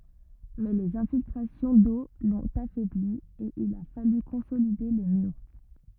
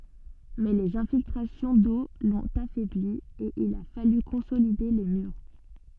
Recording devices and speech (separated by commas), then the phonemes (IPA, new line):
rigid in-ear microphone, soft in-ear microphone, read sentence
mɛ lez ɛ̃filtʁasjɔ̃ do lɔ̃t afɛbli e il a faly kɔ̃solide le myʁ